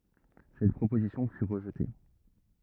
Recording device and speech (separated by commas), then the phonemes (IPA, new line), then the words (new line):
rigid in-ear microphone, read sentence
sɛt pʁopozisjɔ̃ fy ʁəʒte
Cette proposition fut rejetée.